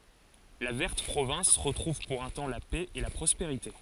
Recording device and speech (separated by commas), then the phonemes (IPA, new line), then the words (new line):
forehead accelerometer, read sentence
la vɛʁt pʁovɛ̃s ʁətʁuv puʁ œ̃ tɑ̃ la pɛ e la pʁɔspeʁite
La verte province retrouve pour un temps la paix et la prospérité.